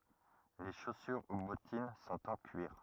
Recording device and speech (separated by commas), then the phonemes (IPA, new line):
rigid in-ear microphone, read sentence
le ʃosyʁ u bɔtin sɔ̃t ɑ̃ kyiʁ